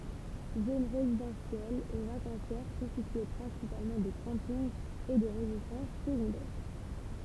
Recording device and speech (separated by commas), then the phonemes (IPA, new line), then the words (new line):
temple vibration pickup, read sentence
zon ʁezidɑ̃sjɛl e vakɑ̃sjɛʁ kɔ̃stitye pʁɛ̃sipalmɑ̃ də kɑ̃pinɡ e də ʁezidɑ̃s səɡɔ̃dɛʁ
Zone résidentielle et vacancière constituée principalement de campings et de résidences secondaires.